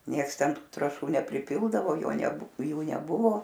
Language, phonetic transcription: Lithuanian, ˈnieks ˈten ˈtu trąˈšų nepriˈpildavo ˈjo neˈbu ˈjų neˈbuvo

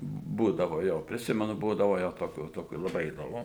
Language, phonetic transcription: Lithuanian, ˈbūdavo ˈjo priˈsimenu ˈbūdavo jau toˈkių toˈkių laˈbai įdoˈmu

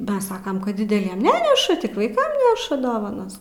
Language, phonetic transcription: Lithuanian, baˈsakam kad dideˈliem ˈneneša tik vaiˈkam ˈneša ˈdovanas

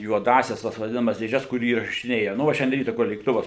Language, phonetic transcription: Lithuanian, juoˈdąsias tas vaˈdinamas dėˈžes kur įrašiˈnėja nu ˈva šianˈdie ˈryta kur lėkˈtuvas

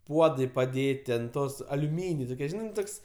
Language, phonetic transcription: Lithuanian, ˈpuodai paˈdėti ant ˈtos aliuˈmyniai toˈkie ˈžinai ˈtoks

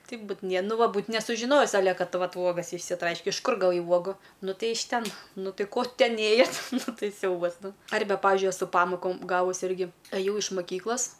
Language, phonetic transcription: Lithuanian, ˈtaip ˈbūt nie ˈnu ˈva ˈbūt nesužiˈnojis aˈle ˈkad ˈvat ˈuogas išsiˈtraiške iš ˈkur gaˈvai ˈuogų ˈnu ˈtai iš ˈten ˈnu ˈtai ˈko ˈten ˈėjat' ˈnu ˈtai ˈsiaubas ˈnu ˈarbe ˈpavižiui eˈsu ˈpamokom ˈgavus ˈirgi aˈjau iš maˈkyklas

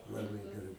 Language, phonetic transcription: Lithuanian, laˈbai geˈrai

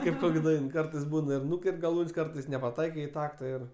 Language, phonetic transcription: Lithuanian, ˈkaip ˈkok' ˈdain ˈkartais ˈbūna ir ˈnuker't' gaˈlūn's' ˈkartais nepaˈtaikai i ˈtakta ir

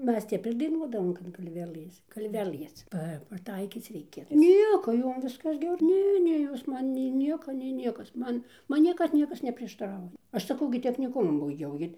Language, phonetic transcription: Lithuanian, ˈmes ˈtep ir daiˈnuodavom kad galˈvelɘs galˈvelɘs ˈpa paˈtaikyc ˈreikia ˈnieko ˈjom ˈviskas ˈger ˈne ˈne ˈjos ˈman nei ˈnieka nei ˈniekas ˈman ˈman ˈniekad ˈniekas neprieštaˈrauja ˈaš saˈkau gi techniˈkumu baiˈgiau ˈgi

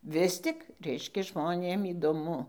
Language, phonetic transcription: Lithuanian, ˈvis tik ˈreiškia žmoˈnėm įdoˈmu

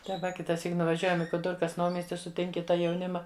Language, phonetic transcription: Lithuanian, tai ˈva kitaˈsyk nuvaˈžiuojam i kuˈdɨrkas ˈnaumiesti suˈtinki ˈtą jauˈnima

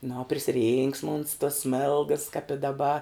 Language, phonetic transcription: Lithuanian, nu o prisiˈrynksma uns tos ˈsmėlgas kap i daˈba

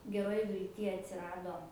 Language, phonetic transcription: Lithuanian, geˈroj vilˈty atsiˈrado

